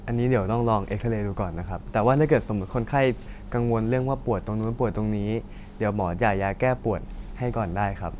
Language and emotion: Thai, neutral